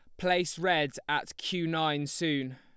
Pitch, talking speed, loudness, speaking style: 160 Hz, 155 wpm, -30 LUFS, Lombard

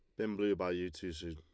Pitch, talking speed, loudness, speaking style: 90 Hz, 320 wpm, -37 LUFS, Lombard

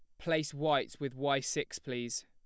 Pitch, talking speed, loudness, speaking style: 140 Hz, 175 wpm, -34 LUFS, plain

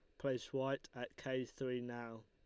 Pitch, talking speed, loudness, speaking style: 125 Hz, 175 wpm, -43 LUFS, Lombard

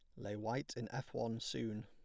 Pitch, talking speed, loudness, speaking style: 115 Hz, 220 wpm, -43 LUFS, plain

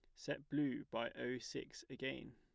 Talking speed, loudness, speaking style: 165 wpm, -44 LUFS, plain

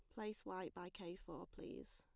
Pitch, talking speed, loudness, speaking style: 185 Hz, 205 wpm, -51 LUFS, plain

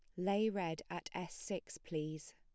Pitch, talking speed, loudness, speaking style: 160 Hz, 165 wpm, -41 LUFS, plain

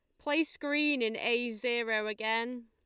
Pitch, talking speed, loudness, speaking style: 235 Hz, 145 wpm, -31 LUFS, Lombard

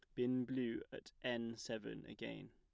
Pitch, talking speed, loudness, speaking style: 125 Hz, 155 wpm, -44 LUFS, plain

